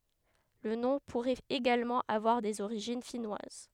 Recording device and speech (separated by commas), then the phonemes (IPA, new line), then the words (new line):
headset microphone, read sentence
lə nɔ̃ puʁɛt eɡalmɑ̃ avwaʁ dez oʁiʒin finwaz
Le nom pourrait également avoir des origines finnoises.